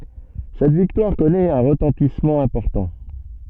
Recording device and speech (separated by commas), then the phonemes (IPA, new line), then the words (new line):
soft in-ear microphone, read sentence
sɛt viktwaʁ kɔnɛt œ̃ ʁətɑ̃tismɑ̃ ɛ̃pɔʁtɑ̃
Cette victoire connaît un retentissement important.